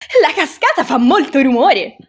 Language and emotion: Italian, happy